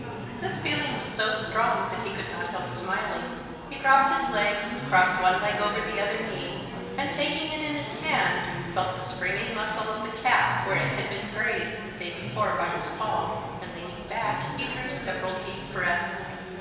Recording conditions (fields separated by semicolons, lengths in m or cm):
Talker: one person; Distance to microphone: 1.7 m; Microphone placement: close; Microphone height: 1.0 m; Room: very reverberant, large; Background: babble